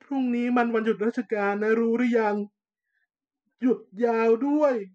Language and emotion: Thai, sad